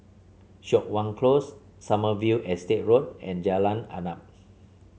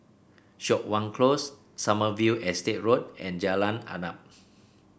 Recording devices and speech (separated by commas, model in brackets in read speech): mobile phone (Samsung C7), boundary microphone (BM630), read sentence